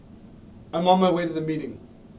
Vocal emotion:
neutral